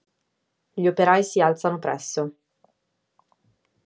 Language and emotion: Italian, neutral